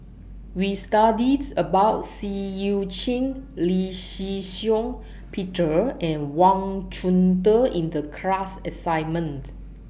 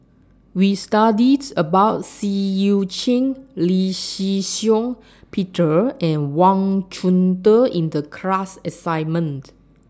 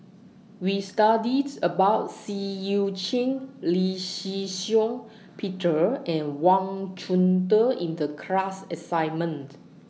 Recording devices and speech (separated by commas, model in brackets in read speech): boundary microphone (BM630), standing microphone (AKG C214), mobile phone (iPhone 6), read sentence